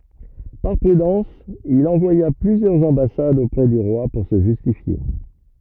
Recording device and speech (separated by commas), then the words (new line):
rigid in-ear microphone, read sentence
Par prudence, il envoya plusieurs ambassades auprès du roi pour se justifier.